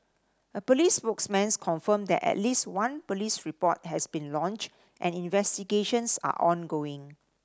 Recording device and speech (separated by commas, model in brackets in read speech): standing microphone (AKG C214), read sentence